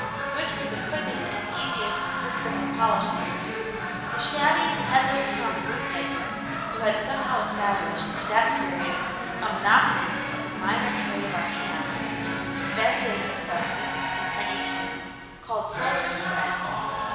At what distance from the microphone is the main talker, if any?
1.7 m.